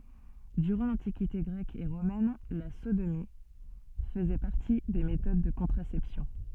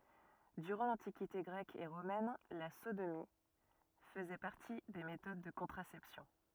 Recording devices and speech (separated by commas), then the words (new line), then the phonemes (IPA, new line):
soft in-ear microphone, rigid in-ear microphone, read sentence
Durant l'Antiquité grecque et romaine, la sodomie faisait partie des méthodes de contraception.
dyʁɑ̃ lɑ̃tikite ɡʁɛk e ʁomɛn la sodomi fəzɛ paʁti de metod də kɔ̃tʁasɛpsjɔ̃